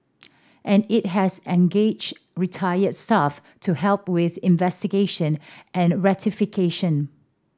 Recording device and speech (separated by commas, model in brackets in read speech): standing microphone (AKG C214), read sentence